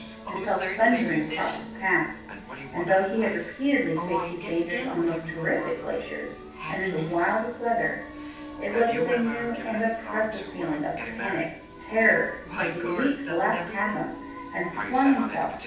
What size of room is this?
A large space.